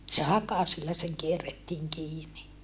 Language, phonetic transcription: Finnish, [e]t se hakasilla steŋ kierrettiiŋ kiini .
- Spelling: että se hakasilla sitten kierrettiin kiinni

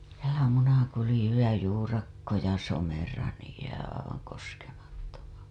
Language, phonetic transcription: Finnish, sielä Munakulĭju ja Juurakko ja Somera niij jää aivaŋ koskemattoma(ksi) .
- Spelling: siellä Munakulju ja Juurakko ja Somera niin jää aivan koskemattomaksi

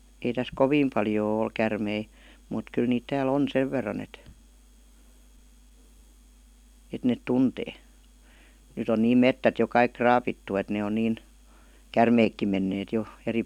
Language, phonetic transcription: Finnish, ei täs "koviim 'paljoo ol 'kärmei , mùt 'kyl niit tää'l ‿on "sev verran ‿et , et 'net "tuntee , nyt ‿on 'niim "mettät jo 'kaik "kraapittu et ne on niin , "kärmeekkim menneet jo , 'eri .
- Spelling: ei tässä kovin paljoa ole käärmeitä mutta kyllä niitä täällä on sen verran että että ne tuntee nyt on niin metsät jo kaikki raavittu että ne on niin käärmeetkin menneet jo eri

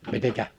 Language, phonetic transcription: Finnish, 'mitekä ?
- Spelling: miten

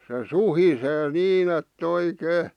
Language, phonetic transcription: Finnish, se "suhisee 'niin ‿et"t ‿oi'kee .
- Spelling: se suhisee niin että oikein

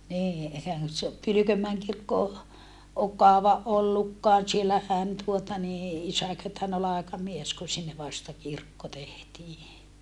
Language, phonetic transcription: Finnish, nii ehän se o , Pylykömmäeŋ kirkko o , ok kaova ʼollukkaan̬ siellähän tuota nii , isäkö taen olla aekamies ku sinne vasta kirkko tehtii .
- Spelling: niin eihän se ole Pylkönmäen kirkko ole ole kauan ollutkaan siellähän tuota niin isäkö tainnut olla aikamies kun sinne vasta kirkko tehtiin

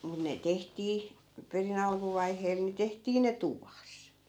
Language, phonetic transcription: Finnish, mun ne 'tehtii , peri'n ‿alkuvaiheel ni 'tehtii ne "tuvas .
- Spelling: mutta ne tehtiin perin alkuvaiheella niin tehtiin ne tuvassa

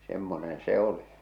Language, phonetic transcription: Finnish, semmonen 'se ‿oli .
- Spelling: semmoinen se oli

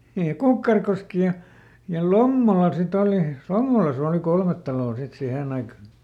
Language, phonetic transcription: Finnish, niij ja "Kukkarkoski ja , ja "Lommola siˈt ‿oli , "Lommolasᵃ òli ˈkolmet taloo sit ˈsihèn ‿aika .
- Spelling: niin ja Kukkarokoski ja ja Lommola sitten oli Lommolassa oli kolme taloa sitten siihen aikaan

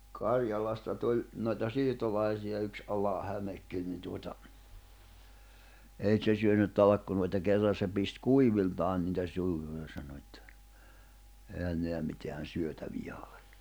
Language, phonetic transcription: Finnish, 'Karjalasta tuĺ , noita 'siirtolaisija yks '’Ala'hämekkin ni tuota , 'ei ᵗse syönyt̆ 'talakkunoita 'kerran̬ se pist "kuiviltaan nitä 'suuhu(sas se) sano ettᴀ̈ , » 'ehän 'neä miteän̬ 'syötävijä ᴏʟᴇ « .
- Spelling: Karjalasta tuli noita siirtolaisia yksi Alahämekin niin tuota ei se syönyt talkkunoita kerran se pisti kuiviltaan niitä suuhunsa se sanoi että eihän nämä mitään syötäviä ole

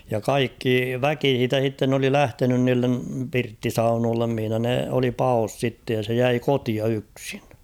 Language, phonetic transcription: Finnish, ja 'kaikki "väki h̬iitä h̬itten ‿oli "lähtenyn niillem 'pirtti"saunoollem mihⁱnä ne oli "paos 'sitte ja se 'jäi "kotia 'yksɪɴ .
- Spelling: ja kaikki väki siitä sitten oli lähtenyt niille pirttisaunoille missä ne oli paossa sitten ja se jäi kotiin yksin

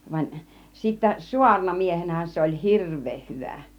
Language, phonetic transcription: Finnish, vaⁱn , sittä , 'suarnamiehenähän se oĺ "hirv̆veeh 'hyvä̀ .
- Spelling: vaan sitten saarnamiehenähän se oli hirveän hyvä

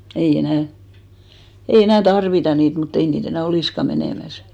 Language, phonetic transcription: Finnish, ei 'enä̀ , ei 'enä̀ "tarvita 'niit , mutt ‿ei nii't ‿enä̀ "olìska 'menèmäs .
- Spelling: ei enää ei enää tarvita niitä mutta ei niitä enää olisikaan menemässä

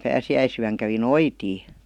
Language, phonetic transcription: Finnish, 'pääsi₍äisyäŋ kävi "noitii .
- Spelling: pääsiäisyönä kävi noitia

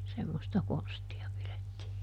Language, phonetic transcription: Finnish, ˈsemmosta ˈkonsti₍a pilettii .
- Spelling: semmoista konstia pidettiin

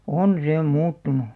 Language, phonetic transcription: Finnish, on 'see "muuttunu .
- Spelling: on se muuttunut

